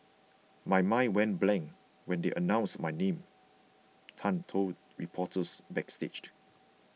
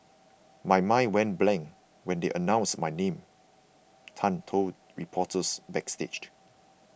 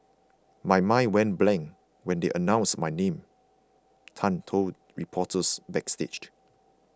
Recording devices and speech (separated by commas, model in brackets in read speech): mobile phone (iPhone 6), boundary microphone (BM630), close-talking microphone (WH20), read sentence